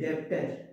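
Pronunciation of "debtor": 'Debtor' is pronounced incorrectly here.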